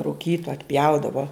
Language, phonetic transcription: Lithuanian, ruˈkyto atˈpjaudavo

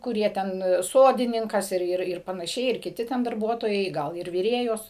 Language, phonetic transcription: Lithuanian, kuˈrie ˈten ˈsodininkas ˈir ˈir ir panaˈšiai ir kiˈti ten darˈbuotojai ˈgal ir viˈrėjos

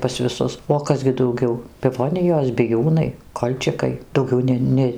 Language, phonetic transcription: Lithuanian, pas viˈsus o ˈkas gi dauˈgiau piˈvonijos biˈjūnai ˈkolčikai dauˈgiau ˈne ˈne

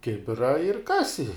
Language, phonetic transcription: Lithuanian, ˈkibira ir ˈkasi

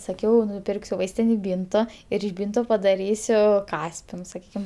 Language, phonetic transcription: Lithuanian, saˈkiau nuˈpirksiu ˈvaistinėj ˈbynto ir iš ˈbynto padaˈrysiu ˈkaspinus saˈkykim

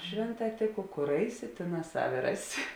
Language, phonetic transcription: Lithuanian, ˈšvėnˌtā ˈtėˌko ˈkor ˈaiˌsi ˈtėˌnās ˈsavi ˈraˌsi

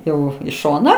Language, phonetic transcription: Lithuanian, ˈjau į ˈšoną

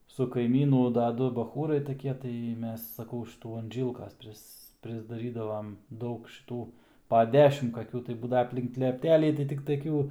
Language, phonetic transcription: Lithuanian, su kaiˈmynu da ˈdu baˈchūrai taˈkie tai ˈmes saˈkau už šiˈtų an ˈžylkas ˈpris prisdaˈrydavam ˈdaug šiˈtų pa ˈdešim kaˈkių tai ˈbūdava aplink lepˈtelį tai tik taˈkių

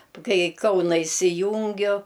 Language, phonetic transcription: Lithuanian, ˈkai i ˈkauna isiˈjūngiu

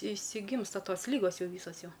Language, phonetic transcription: Lithuanian, išsiˈgymsta ˈtos ˈlygos ˈjau ˈvysos ˈjau

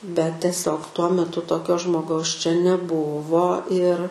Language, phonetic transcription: Lithuanian, bet teˈsiog tuo meˈtu toˈkio žmoˈgaus čia neˈbuvo ir

